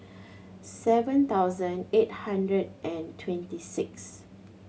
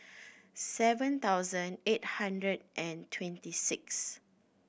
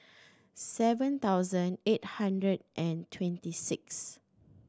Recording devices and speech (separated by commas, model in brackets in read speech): mobile phone (Samsung C7100), boundary microphone (BM630), standing microphone (AKG C214), read sentence